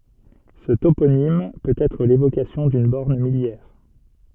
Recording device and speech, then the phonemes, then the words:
soft in-ear microphone, read sentence
sə toponim pøt ɛtʁ levokasjɔ̃ dyn bɔʁn miljɛʁ
Ce toponyme peut être l'évocation d'une borne milliaire.

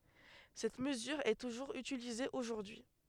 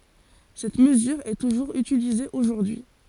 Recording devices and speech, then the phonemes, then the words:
headset microphone, forehead accelerometer, read sentence
sɛt məzyʁ ɛ tuʒuʁz ytilize oʒuʁdyi
Cette mesure est toujours utilisée aujourd'hui.

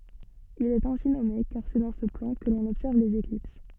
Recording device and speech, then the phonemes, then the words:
soft in-ear microphone, read sentence
il ɛt ɛ̃si nɔme kaʁ sɛ dɑ̃ sə plɑ̃ kə lɔ̃n ɔbsɛʁv lez eklips
Il est ainsi nommé car c'est dans ce plan que l'on observe les éclipses.

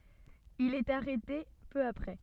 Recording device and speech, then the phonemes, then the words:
soft in-ear microphone, read sentence
il ɛt aʁɛte pø apʁɛ
Il est arrêté peu après.

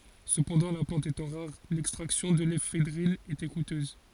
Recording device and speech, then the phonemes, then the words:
forehead accelerometer, read sentence
səpɑ̃dɑ̃ la plɑ̃t etɑ̃ ʁaʁ lɛkstʁaksjɔ̃ də lefedʁin etɛ kutøz
Cependant, la plante étant rare, l'extraction de l'éphédrine était coûteuse.

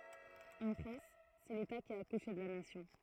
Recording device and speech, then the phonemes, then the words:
throat microphone, read sentence
ɑ̃ fʁɑ̃s sɛ leta ki a akuʃe də la nasjɔ̃
En France, c'est l'État qui a accouché de la Nation.

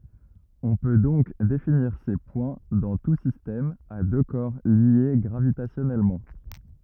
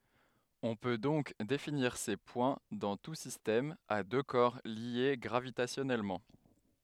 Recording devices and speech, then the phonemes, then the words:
rigid in-ear microphone, headset microphone, read sentence
ɔ̃ pø dɔ̃k definiʁ se pwɛ̃ dɑ̃ tu sistɛm a dø kɔʁ lje ɡʁavitasjɔnɛlmɑ̃
On peut donc définir ces points dans tout système à deux corps liés gravitationnellement.

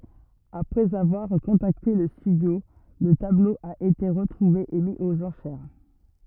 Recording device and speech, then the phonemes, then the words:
rigid in-ear microphone, read sentence
apʁɛz avwaʁ kɔ̃takte lə stydjo lə tablo a ete ʁətʁuve e mi oz ɑ̃ʃɛʁ
Après avoir contacté le studio, le tableau a été retrouvé et mis aux enchères.

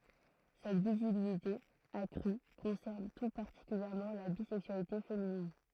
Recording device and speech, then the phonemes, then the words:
throat microphone, read sentence
sɛt vizibilite akʁy kɔ̃sɛʁn tu paʁtikyljɛʁmɑ̃ la bizɛksyalite feminin
Cette visibilité accrue concerne tout particulièrement la bisexualité féminine.

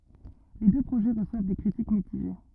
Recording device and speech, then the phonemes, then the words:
rigid in-ear microphone, read sentence
le dø pʁoʒɛ ʁəswav de kʁitik mitiʒe
Les deux projets reçoivent des critiques mitigées.

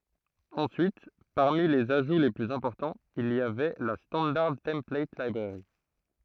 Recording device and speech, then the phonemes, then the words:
throat microphone, read sentence
ɑ̃syit paʁmi lez aʒu le plyz ɛ̃pɔʁtɑ̃z il i avɛ la stɑ̃daʁ tɑ̃plat libʁɛʁi
Ensuite, parmi les ajouts les plus importants, il y avait la Standard Template Library.

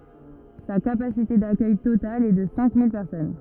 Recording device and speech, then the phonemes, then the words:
rigid in-ear microphone, read sentence
sa kapasite dakœj total ɛ də sɛ̃ mil pɛʁsɔn
Sa capacité d'accueil totale est de cinq mille personnes.

